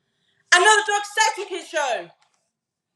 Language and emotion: English, neutral